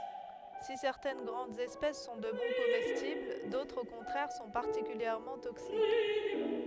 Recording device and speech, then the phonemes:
headset microphone, read sentence
si sɛʁtɛn ɡʁɑ̃dz ɛspɛs sɔ̃ də bɔ̃ komɛstibl dotʁz o kɔ̃tʁɛʁ sɔ̃ paʁtikyljɛʁmɑ̃ toksik

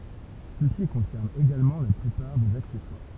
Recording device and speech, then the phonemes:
temple vibration pickup, read sentence
səsi kɔ̃sɛʁn eɡalmɑ̃ la plypaʁ dez aksɛswaʁ

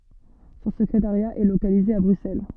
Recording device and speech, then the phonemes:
soft in-ear microphone, read sentence
sɔ̃ səkʁetaʁja ɛ lokalize a bʁyksɛl

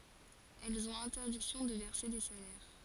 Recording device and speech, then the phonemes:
forehead accelerometer, read sentence
ɛlz ɔ̃t ɛ̃tɛʁdiksjɔ̃ də vɛʁse de salɛʁ

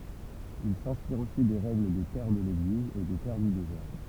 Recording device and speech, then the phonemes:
temple vibration pickup, read sentence
il sɛ̃spiʁt osi de ʁɛɡl de pɛʁ də leɡliz e de pɛʁ dy dezɛʁ

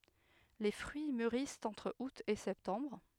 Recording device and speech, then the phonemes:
headset microphone, read sentence
le fʁyi myʁist ɑ̃tʁ ut e sɛptɑ̃bʁ

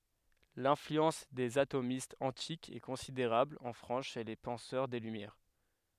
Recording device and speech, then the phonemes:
headset microphone, read sentence
lɛ̃flyɑ̃s dez atomistz ɑ̃tikz ɛ kɔ̃sideʁabl ɑ̃ fʁɑ̃s ʃe le pɑ̃sœʁ de lymjɛʁ

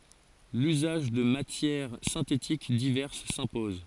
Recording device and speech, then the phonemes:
forehead accelerometer, read sentence
lyzaʒ də matjɛʁ sɛ̃tetik divɛʁs sɛ̃pɔz

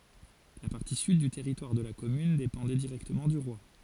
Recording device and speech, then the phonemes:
forehead accelerometer, read sentence
la paʁti syd dy tɛʁitwaʁ də la kɔmyn depɑ̃dɛ diʁɛktəmɑ̃ dy ʁwa

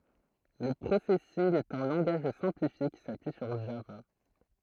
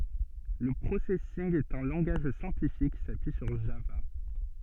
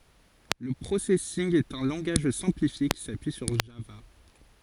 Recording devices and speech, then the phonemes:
throat microphone, soft in-ear microphone, forehead accelerometer, read sentence
lə pʁosɛsinɡ ɛt œ̃ lɑ̃ɡaʒ sɛ̃plifje ki sapyi syʁ ʒava

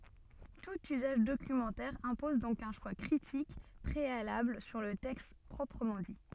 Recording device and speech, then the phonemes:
soft in-ear microphone, read sentence
tut yzaʒ dokymɑ̃tɛʁ ɛ̃pɔz dɔ̃k œ̃ ʃwa kʁitik pʁealabl syʁ lə tɛkst pʁɔpʁəmɑ̃ di

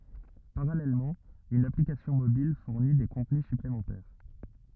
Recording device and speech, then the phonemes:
rigid in-ear microphone, read sentence
paʁalɛlmɑ̃ yn aplikasjɔ̃ mobil fuʁni de kɔ̃tny syplemɑ̃tɛʁ

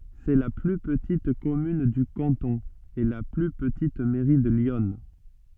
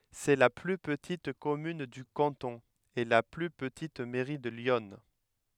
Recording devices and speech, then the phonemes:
soft in-ear microphone, headset microphone, read sentence
sɛ la ply pətit kɔmyn dy kɑ̃tɔ̃ e la ply pətit mɛʁi də ljɔn

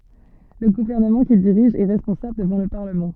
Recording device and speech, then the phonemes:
soft in-ear microphone, read sentence
lə ɡuvɛʁnəmɑ̃ kil diʁiʒ ɛ ʁɛspɔ̃sabl dəvɑ̃ lə paʁləmɑ̃

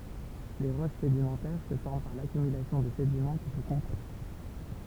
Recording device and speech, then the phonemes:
temple vibration pickup, read sentence
le ʁoʃ sedimɑ̃tɛʁ sə fɔʁm paʁ lakymylasjɔ̃ də sedimɑ̃ ki sə kɔ̃pakt

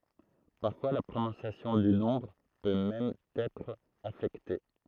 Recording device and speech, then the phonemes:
throat microphone, read sentence
paʁfwa la pʁonɔ̃sjasjɔ̃ dy nɔ̃bʁ pø mɛm ɑ̃n ɛtʁ afɛkte

